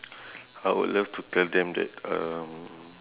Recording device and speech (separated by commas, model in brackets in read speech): telephone, conversation in separate rooms